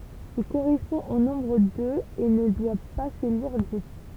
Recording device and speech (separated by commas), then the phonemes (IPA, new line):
temple vibration pickup, read sentence
il koʁɛspɔ̃ o nɔ̃bʁ døz e nə dwa pa sə liʁ dis